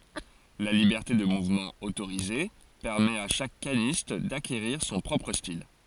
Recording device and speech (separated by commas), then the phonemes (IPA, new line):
forehead accelerometer, read sentence
la libɛʁte də muvmɑ̃ otoʁize pɛʁmɛt a ʃak kanist dakeʁiʁ sɔ̃ pʁɔpʁ stil